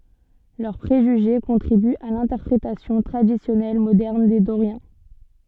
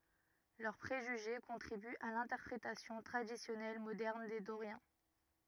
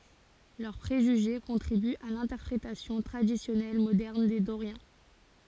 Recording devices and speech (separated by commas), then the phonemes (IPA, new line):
soft in-ear microphone, rigid in-ear microphone, forehead accelerometer, read sentence
lœʁ pʁeʒyʒe kɔ̃tʁibyt a lɛ̃tɛʁpʁetasjɔ̃ tʁadisjɔnɛl modɛʁn de doʁjɛ̃